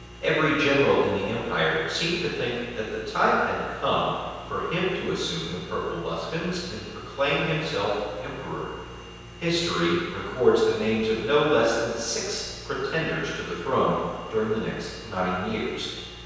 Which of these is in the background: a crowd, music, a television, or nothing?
Nothing.